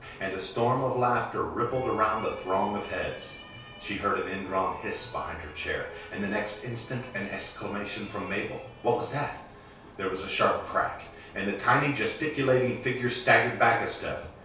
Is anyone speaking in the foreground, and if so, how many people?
One person.